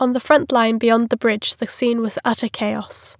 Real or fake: real